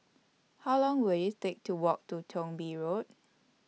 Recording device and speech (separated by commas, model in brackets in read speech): mobile phone (iPhone 6), read sentence